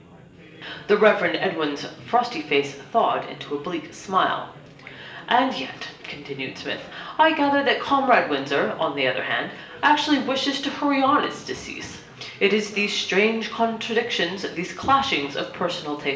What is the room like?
A big room.